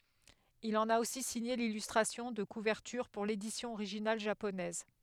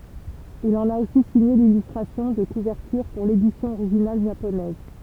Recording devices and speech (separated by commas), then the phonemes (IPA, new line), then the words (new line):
headset microphone, temple vibration pickup, read sentence
il ɑ̃n a osi siɲe lilystʁasjɔ̃ də kuvɛʁtyʁ puʁ ledisjɔ̃ oʁiʒinal ʒaponɛz
Il en a aussi signé l'illustration de couverture pour l'édition originale japonaise.